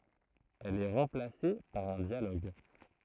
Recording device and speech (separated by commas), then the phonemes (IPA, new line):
throat microphone, read sentence
ɛl ɛ ʁɑ̃plase paʁ œ̃ djaloɡ